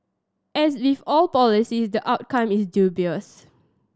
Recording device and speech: standing microphone (AKG C214), read sentence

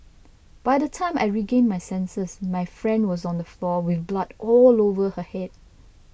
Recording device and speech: boundary microphone (BM630), read sentence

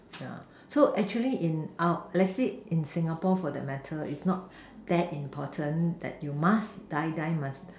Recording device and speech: standing microphone, conversation in separate rooms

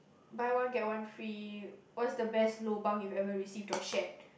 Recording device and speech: boundary microphone, conversation in the same room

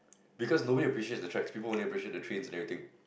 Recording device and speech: boundary microphone, conversation in the same room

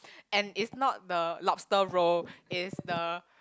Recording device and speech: close-talking microphone, conversation in the same room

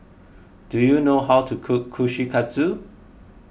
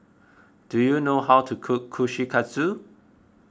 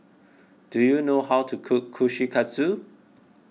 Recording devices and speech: boundary microphone (BM630), close-talking microphone (WH20), mobile phone (iPhone 6), read sentence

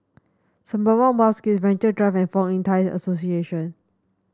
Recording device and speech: standing microphone (AKG C214), read sentence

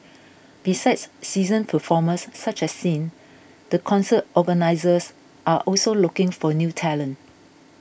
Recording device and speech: boundary microphone (BM630), read sentence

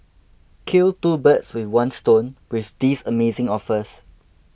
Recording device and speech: boundary microphone (BM630), read sentence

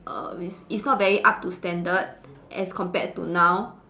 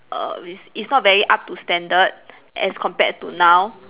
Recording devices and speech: standing microphone, telephone, conversation in separate rooms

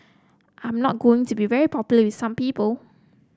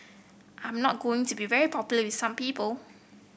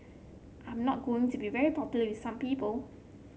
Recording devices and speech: close-talking microphone (WH30), boundary microphone (BM630), mobile phone (Samsung C7), read sentence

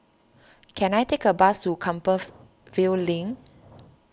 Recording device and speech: standing microphone (AKG C214), read sentence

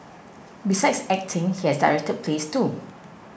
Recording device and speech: boundary microphone (BM630), read sentence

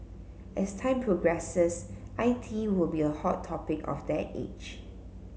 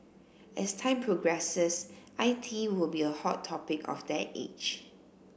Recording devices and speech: mobile phone (Samsung C7), boundary microphone (BM630), read sentence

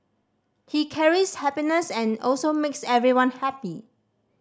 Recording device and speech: standing microphone (AKG C214), read sentence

